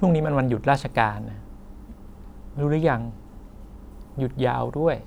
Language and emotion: Thai, neutral